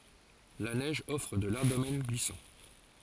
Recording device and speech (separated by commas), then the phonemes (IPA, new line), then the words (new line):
forehead accelerometer, read sentence
la nɛʒ ɔfʁ də laʁʒ domɛn ɡlisɑ̃
La neige offre de larges domaines glissants.